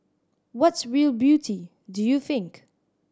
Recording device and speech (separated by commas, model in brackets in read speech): standing microphone (AKG C214), read sentence